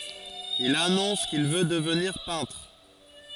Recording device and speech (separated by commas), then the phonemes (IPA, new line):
forehead accelerometer, read sentence
il anɔ̃s kil vø dəvniʁ pɛ̃tʁ